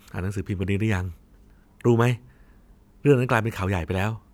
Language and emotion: Thai, neutral